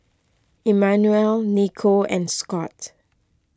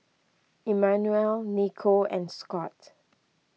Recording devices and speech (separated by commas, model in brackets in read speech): close-talking microphone (WH20), mobile phone (iPhone 6), read sentence